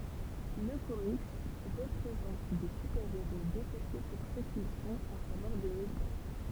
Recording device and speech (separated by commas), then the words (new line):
temple vibration pickup, read sentence
Le comics présente des super-héros détestés pour ce qu'ils sont, à savoir des mutants.